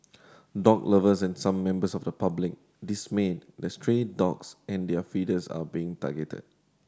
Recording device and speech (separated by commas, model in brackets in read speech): standing microphone (AKG C214), read sentence